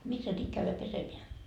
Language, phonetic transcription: Finnish, missä 'nyt käyvä 'pesemeä ?
- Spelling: missä nyt käydä pesemään

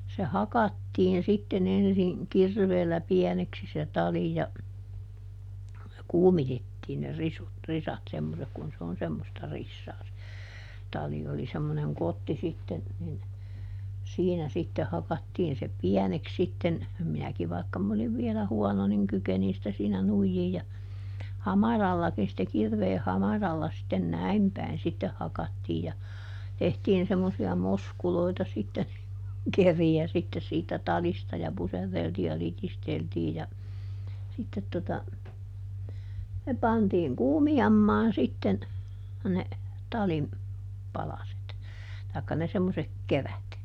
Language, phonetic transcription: Finnish, se "hakattiin sitteˈn ‿ensiŋ , "kirveellä ˈpiɛneksi se "tali ja , "kuumitettiin ne ˈrisut , ˈrisat semmosek kun se on semmosta ˈrissaa se , ˈtali - oli semmoneŋ ˈkotti sitten , nin , ˈsiinä sitte ˈhakattiin se "piɛneks sitten , ˈminäki vaikka m ‿oliv vielä ˈhuɔno niŋ ˈkykenin sⁱtä siinä ˈnuijjiij ja , "hamarallakin sⁱtte ˈkirveeh ˈhamaralla sitten "näim päin ˈsitteh hakattiij ja , ˈtehtiin semmosi₍a "moskuloita sitte (niŋ kuŋ) ˈkeri₍ä sitte siitä ˈtalista ja ˈpuserreltii ja ˈlitisteltii ja , ˈsittet tota , ne ˈpantiiŋ "kuumijammaan ˈsitten , ne , ˈtalim , ˈpalaset , tài̮kka ne ˈsemmosek "kerät .
- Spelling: se hakattiin sitten ensin kirveellä pieneksi se tali ja kuumitettiin ne risut risat semmoiset kun se on semmoista risaa se tali oli semmoinen kotti sitten niin siinä sitten hakattiin se pieneksi sitten minäkin vaikka minä olin vielä huono niin kykenin sitä siinä nuijia ja hamarallakin sitten kirveen hamaralla sitten näin päin sitten hakattiin ja tehtiin semmoisia moskuloita sitten niin kuin keriä sitten siitä talista ja puserreltiin ja litisteltiin ja sitten tuota ne pantiin kuumiamaan sitten ne talin palaset tai ne semmoiset kerät

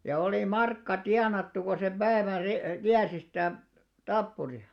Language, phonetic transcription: Finnish, ja oli "markka 'tianattu ko sem 'ʙäävän 'si , 'kiärsi sitä̀ , "tappuri₍a .
- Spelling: ja oli markka tienattu kun sen päivän sitten kiersi sitä tappuria

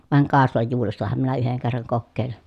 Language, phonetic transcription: Finnish, vàeŋ kàeslajjuurestaham minä yheŋ kerraŋ kokkèi̮lin .
- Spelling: vain kaislajuurestahan minä yhden kerran kokeilin

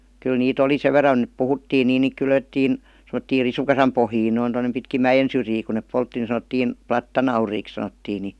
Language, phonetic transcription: Finnish, kyl nii't ‿oli "sev ver̆ran et 'puhuttiin niin niik "kylvettiin , sem°ttiir "risukasam pohjiin noin tonnem pitkim "mäjen syrjii ku nèp 'poltti ni san°ttiin , "plattanauriiks sanottii ni ,.
- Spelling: kyllä niitä oli sen verran että puhuttiin niin niitä kylvettiin semmoisiin risukasan pohjiin noin tuonne pitkin mäen syrjiä kun ne poltti niin sanottiin plattanauriiksi sanottiin niin

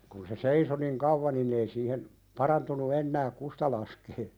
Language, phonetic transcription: Finnish, kun se "seiso niŋ 'kauvva nin ‿ei siihen , 'parantunu 'ennääk "kusta laskee ,.
- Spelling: kun se seisoi niin kauan niin ei siihen parantunut enää kusta laskea

